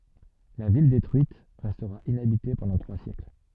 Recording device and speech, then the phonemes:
soft in-ear microphone, read sentence
la vil detʁyit ʁɛstʁa inabite pɑ̃dɑ̃ tʁwa sjɛkl

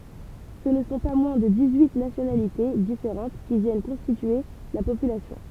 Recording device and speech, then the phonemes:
temple vibration pickup, read sentence
sə nə sɔ̃ pa mwɛ̃ də dis yi nasjonalite difeʁɑ̃t ki vjɛn kɔ̃stitye la popylasjɔ̃

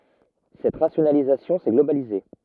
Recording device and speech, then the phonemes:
rigid in-ear microphone, read sentence
sɛt ʁasjonalizasjɔ̃ sɛ ɡlobalize

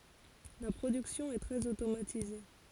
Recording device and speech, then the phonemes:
forehead accelerometer, read sentence
la pʁodyksjɔ̃ ɛ tʁɛz otomatize

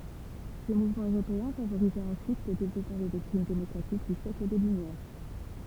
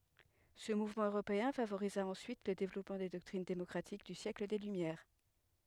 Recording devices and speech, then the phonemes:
temple vibration pickup, headset microphone, read sentence
sə muvmɑ̃ øʁopeɛ̃ favoʁiza ɑ̃syit lə devlɔpmɑ̃ de dɔktʁin demɔkʁatik dy sjɛkl de lymjɛʁ

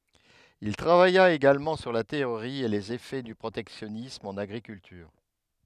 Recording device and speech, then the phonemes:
headset microphone, read sentence
il tʁavaja eɡalmɑ̃ syʁ la teoʁi e lez efɛ dy pʁotɛksjɔnism ɑ̃n aɡʁikyltyʁ

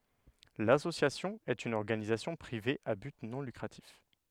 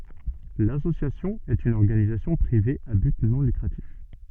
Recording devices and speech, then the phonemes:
headset microphone, soft in-ear microphone, read sentence
lasosjasjɔ̃ ɛt yn ɔʁɡanizasjɔ̃ pʁive a byt nɔ̃ lykʁatif

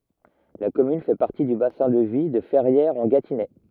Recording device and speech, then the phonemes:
rigid in-ear microphone, read sentence
la kɔmyn fɛ paʁti dy basɛ̃ də vi də fɛʁjɛʁzɑ̃ɡatinɛ

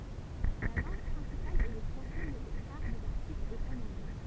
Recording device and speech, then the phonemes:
temple vibration pickup, read sentence
la lɑ̃ɡ pʁɛ̃sipal ɛ lə fʁɑ̃sɛ mɛ lə kaʁ dez aʁtiklz ɛt ɑ̃n ɑ̃ɡlɛ

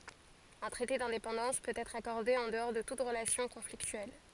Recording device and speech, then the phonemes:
forehead accelerometer, read sentence
œ̃ tʁɛte dɛ̃depɑ̃dɑ̃s pøt ɛtʁ akɔʁde ɑ̃ dəɔʁ də tut ʁəlasjɔ̃ kɔ̃fliktyɛl

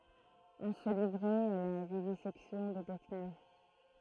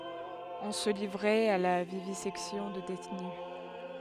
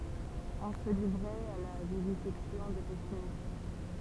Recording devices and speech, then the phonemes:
throat microphone, headset microphone, temple vibration pickup, read sentence
ɔ̃ sə livʁɛt a la vivizɛksjɔ̃ də detny

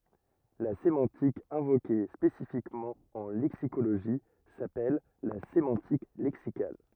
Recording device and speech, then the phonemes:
rigid in-ear microphone, read sentence
la semɑ̃tik ɛ̃voke spesifikmɑ̃ ɑ̃ lɛksikoloʒi sapɛl la semɑ̃tik lɛksikal

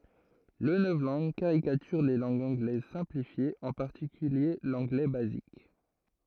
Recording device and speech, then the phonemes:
throat microphone, read sentence
lə nɔvlɑ̃ɡ kaʁikatyʁ le lɑ̃ɡz ɑ̃ɡlɛz sɛ̃plifjez ɑ̃ paʁtikylje lɑ̃ɡlɛ bazik

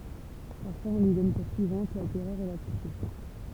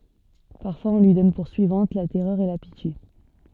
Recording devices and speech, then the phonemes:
temple vibration pickup, soft in-ear microphone, read sentence
paʁfwaz ɔ̃ lyi dɔn puʁ syivɑ̃t la tɛʁœʁ e la pitje

